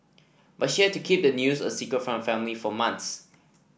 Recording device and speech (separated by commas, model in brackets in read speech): boundary microphone (BM630), read sentence